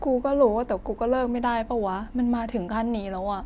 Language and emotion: Thai, sad